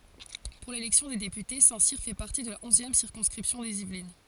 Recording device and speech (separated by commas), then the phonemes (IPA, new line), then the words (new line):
forehead accelerometer, read sentence
puʁ lelɛksjɔ̃ de depyte sɛ̃tsiʁ fɛ paʁti də la ɔ̃zjɛm siʁkɔ̃skʁipsjɔ̃ dez ivlin
Pour l'élection des députés, Saint-Cyr fait partie de la onzième circonscription des Yvelines.